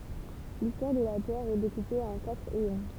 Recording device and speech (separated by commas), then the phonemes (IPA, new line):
temple vibration pickup, read sentence
listwaʁ də la tɛʁ ɛ dekupe ɑ̃ katʁ eɔ̃